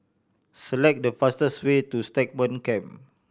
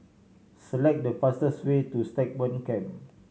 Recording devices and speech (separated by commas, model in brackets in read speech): boundary microphone (BM630), mobile phone (Samsung C7100), read sentence